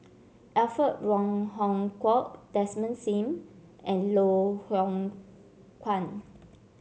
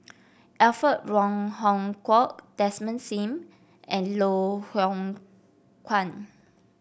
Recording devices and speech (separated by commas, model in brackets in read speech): mobile phone (Samsung C7), boundary microphone (BM630), read sentence